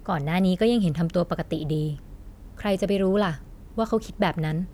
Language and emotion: Thai, neutral